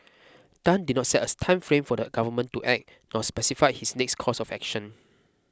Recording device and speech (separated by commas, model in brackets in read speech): close-talking microphone (WH20), read sentence